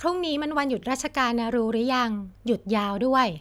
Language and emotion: Thai, neutral